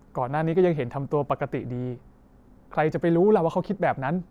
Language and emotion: Thai, frustrated